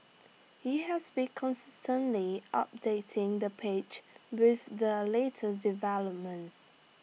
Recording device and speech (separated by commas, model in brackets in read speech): mobile phone (iPhone 6), read sentence